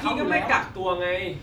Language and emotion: Thai, frustrated